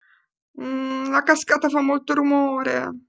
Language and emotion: Italian, fearful